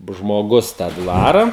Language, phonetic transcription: Lithuanian, žmoˈgus tą ˈdvara

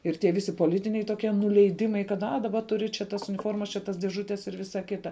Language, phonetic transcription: Lithuanian, ir tie ˈvisi poˈlitiniai toˈkie nuleiˈdimai kad a daˈba ˈturi čia tas uniˈformas čia ˈtas dėˈžutes ir ˈvisa ˈkita

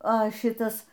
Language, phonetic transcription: Lithuanian, a ˈšitas

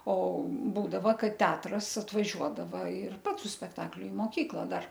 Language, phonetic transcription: Lithuanian, o ˈbūdava ˈkad ˈteatras atvaˈžiuodava ir ˈpats su spekˈtakliu i moˈkykla ˈdar

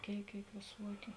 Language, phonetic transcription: Lithuanian, ˈkėik ˈkėik vėˈsuokiu

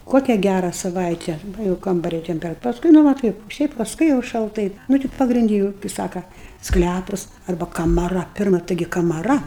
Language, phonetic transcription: Lithuanian, ˈkokia ˈgæra saˈvaite ˈva jau ˈkambaria ˈtemperat pasˈkui ˈnu va ˈtaip ˈšiaip pasˈkui jau šalˈtai ˈnu ti pagrinˈdi jūu kɨi ˈsaka ˈsklæpus ˈarba kamaˈra ˈpirma ˈtaigi kamaˈra

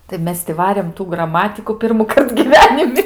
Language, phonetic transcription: Lithuanian, tai ˈmes ti ˈvarėm tų graˈmatiku pirmuˈkart gyˈvenimi

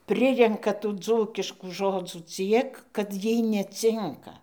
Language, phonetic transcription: Lithuanian, ˈprirenka tų ˈdzūkiškų ˈžodzų ˈciek kad ˈjiej neˈcinka

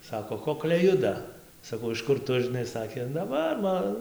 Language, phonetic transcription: Lithuanian, ˈsako ˈkokliai ˈjuda saˈkau iš ˈkur ˈtu žiˈnai ˈsakė na ˈva ˈma

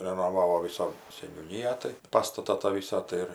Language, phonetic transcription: Lithuanian, renoˈvavo ˈvisa seniūˈnyją tai ˈpastata tą ˈvysą tai ˈir

